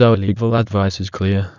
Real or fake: fake